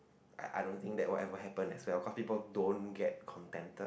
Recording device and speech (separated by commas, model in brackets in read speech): boundary microphone, conversation in the same room